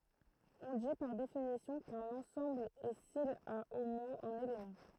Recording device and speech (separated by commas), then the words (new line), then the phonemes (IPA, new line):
throat microphone, read sentence
On dit, par définition, qu'un ensemble est s'il a au moins un élément.
ɔ̃ di paʁ definisjɔ̃ kœ̃n ɑ̃sɑ̃bl ɛ sil a o mwɛ̃z œ̃n elemɑ̃